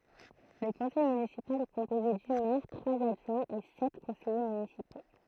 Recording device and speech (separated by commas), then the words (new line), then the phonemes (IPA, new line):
throat microphone, read sentence
Le conseil municipal est composé du maire, trois adjoints et sept conseillers municipaux.
lə kɔ̃sɛj mynisipal ɛ kɔ̃poze dy mɛʁ tʁwaz adʒwɛ̃z e sɛt kɔ̃sɛje mynisipo